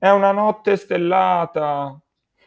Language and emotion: Italian, sad